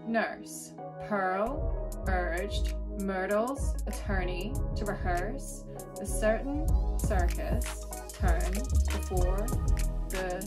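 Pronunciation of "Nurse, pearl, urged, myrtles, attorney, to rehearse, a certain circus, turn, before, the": The words are said in a West Coast American accent, and each one has an er sound, as in 'nurse', 'pearl' and 'turn'.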